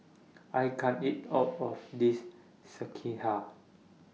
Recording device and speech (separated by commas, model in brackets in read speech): mobile phone (iPhone 6), read sentence